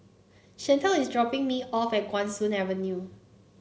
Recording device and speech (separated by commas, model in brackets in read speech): mobile phone (Samsung C9), read sentence